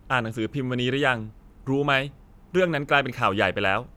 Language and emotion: Thai, neutral